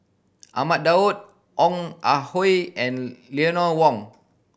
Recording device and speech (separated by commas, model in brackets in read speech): boundary microphone (BM630), read sentence